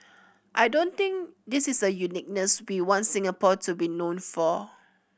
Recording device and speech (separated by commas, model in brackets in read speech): boundary microphone (BM630), read sentence